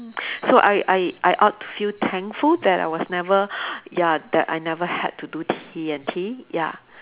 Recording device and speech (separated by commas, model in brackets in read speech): telephone, conversation in separate rooms